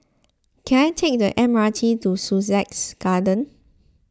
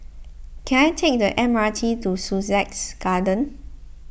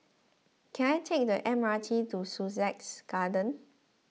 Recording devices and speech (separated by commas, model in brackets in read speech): close-talking microphone (WH20), boundary microphone (BM630), mobile phone (iPhone 6), read sentence